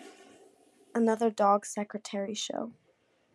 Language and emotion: English, sad